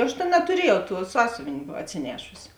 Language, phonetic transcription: Lithuanian, ˈaš tėn natuˈriejau tuo ˈsąsiuvėn' atsiˈnešusi

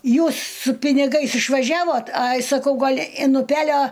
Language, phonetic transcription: Lithuanian, ˈjūs su piniˈgais išvaˈžiavot ˈai saˈkau ˈgal in uˈpelio

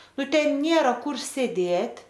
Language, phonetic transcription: Lithuanian, ˈnu ˈten ˈnėra ˈkur sėˈdėt'

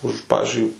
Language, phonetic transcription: Lithuanian, ˈuž ˈpavizdžiui

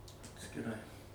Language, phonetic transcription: Lithuanian, atskiˈrai

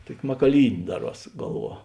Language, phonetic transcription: Lithuanian, ˈtuoki makaˈlynė ˈdaˌruos ˈgalˌvuo

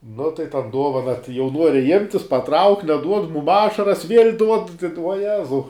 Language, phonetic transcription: Lithuanian, nu tai ˈtan ˈduovana tai jau ˈnuori imt' jis paˈtrauk' neˈduod ˈmum ˈašaras viel' duod vuoˈjezau

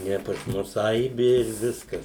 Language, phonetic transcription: Lithuanian, ˈne pas ˈmus ˈaibi ir ˈviskas

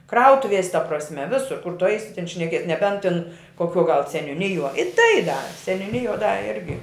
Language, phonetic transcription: Lithuanian, ˈkrautuvies' ta prasˈme ˈvisur kur tu ˈaisi tin šneˈkies neˈbent tin koˈkiuo gal seniuˈnijuo i tai da seniuˈnijuo da ˈirgi

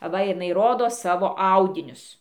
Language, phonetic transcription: Lithuanian, aˈva jiˈnai ˈrodo ˈsavo ˈaudinius

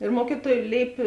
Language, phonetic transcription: Lithuanian, ir ˈmuokyˌtuoj ˈlėipė

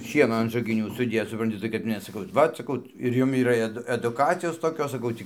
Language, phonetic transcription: Lithuanian, ˈšieno an žagiˈnių suˈdėc supranˈti tai kad ˈmes saˈkau ˈvat saˈkau ir ˈjum yˈra eˈdu eduˈkacijos toˈkios saˈkau tį

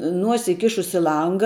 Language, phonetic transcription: Lithuanian, ˈnuosi iˈkišus i ˈlanga

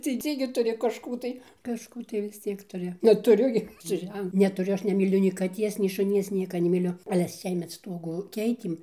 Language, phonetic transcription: Lithuanian, teiˈsyngai tuˈri kažˈkų tai kažˈkų tai vis ˈciek tuˈri netuˈriu gi su ˈžen netuˈriu ˈaš nemyˈliu nei kaˈties nei šuˈnies ˈnieka nemiˈliu ale ˈsiemet ˈstuogu ˈkeitėm

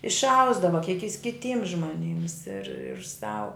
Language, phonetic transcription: Lithuanian, išˈausdava kiek jis kiˈtyms žmoˈnyms ir sau

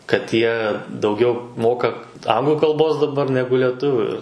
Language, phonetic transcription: Lithuanian, kad ˈjie dauˈgiau ˈmoka ˈanglu kalˈbos daˈbar ˈnegu leˈtuviu ir

